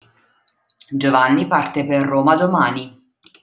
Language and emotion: Italian, neutral